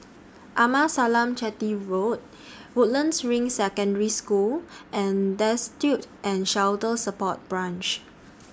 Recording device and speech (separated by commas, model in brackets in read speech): standing microphone (AKG C214), read sentence